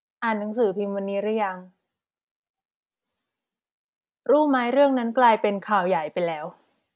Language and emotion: Thai, neutral